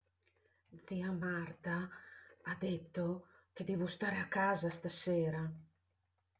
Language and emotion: Italian, fearful